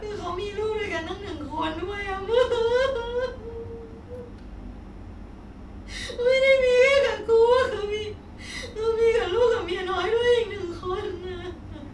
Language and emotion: Thai, sad